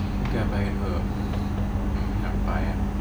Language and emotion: Thai, sad